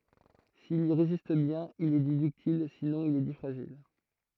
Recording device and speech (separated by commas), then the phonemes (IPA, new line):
throat microphone, read sentence
sil i ʁezist bjɛ̃n il ɛ di dyktil sinɔ̃ il ɛ di fʁaʒil